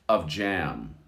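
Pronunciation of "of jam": In 'of jam', the word 'of' almost disappears, and the f of 'of' and the j of 'jam' merge into one sound.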